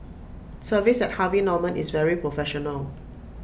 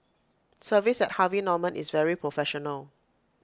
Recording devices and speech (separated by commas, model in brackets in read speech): boundary microphone (BM630), close-talking microphone (WH20), read sentence